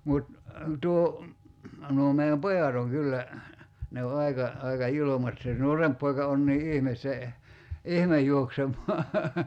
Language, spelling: Finnish, mutta tuo nuo meidän pojat on kyllä ne on aika aika julmat se nuorempi poika on niin ihme se ihme juoksemaan
- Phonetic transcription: 'mut , 'tuo , nuo mei₍äm "pojat ‿oŋ 'kyllä , ne o 'aika , 'aika "julomat se "nuoremp poika on nii 'ihmes se , "ihmej 'juoksem̀ɔa .

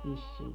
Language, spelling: Finnish, vissiin
- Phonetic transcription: 'vissii .

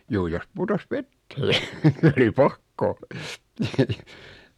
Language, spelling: Finnish, juu jos putosi veteen niin oli pakko
- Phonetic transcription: 'juu jos 'putos "vettee , (ni) 'oli "pakko .

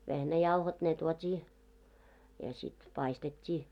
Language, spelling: Finnish, vehnäjauhot ne tuotiin ja sitten paistettiin
- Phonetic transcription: 'vehnäjauhot ne 'tuot́ii , ja sit 'paistet́t́ii .

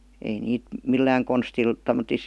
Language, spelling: Finnish, ei niitä millään konstilla tommottoon
- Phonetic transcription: ei 'niit , "millääŋ 'konstil , tom̆motis ,.

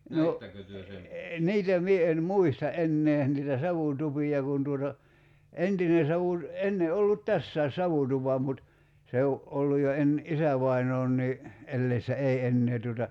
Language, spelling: Finnish, no niitä minä en muista enää niitä savutupia kun tuota entinen - ennen ollut tässäkin savutupa mutta se on ollut jo - isävainaankin eläessä ei enää tuota
- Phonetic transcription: 'no , "niitä 'mie en "muista '’ennee , niitä 'savùtupi₍a kun tuota , "entine 'savùt- , 'enne 'ollut "tässä̀i̬s̆ 'savutupa mut , 'se o , '’olluj̆ jo 'en- , "isävainoonnii , 'elleissä "ei 'ennee tuota ,.

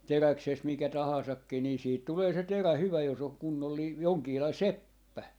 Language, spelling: Finnish, teräksestä mikä tahansakin niin siitä tulee se terä hyvä jos on kunnollinen jonkinlainen seppä
- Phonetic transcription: "teräksest mikä 'tahàsakki nii 'siit 'tulee se "terä 'hyvä jos ‿oŋ 'kunnollii , 'joŋkiilai "seppä .

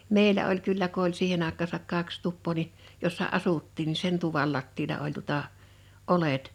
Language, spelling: Finnish, meillä oli kyllä kun oli siihen aikaansa kaksi tupaa niin jossa asuttiin niin sen tuvan lattialla oli tuota oljet
- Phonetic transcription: 'mèilä oĺ 'kyllä ko oĺ 'siihen ‿àek̆kaasak 'kaks 'tuppoo ni , jossa "asuttiin ni "sen tuval 'lattiila oĺ tuᵒtà , "’olet .

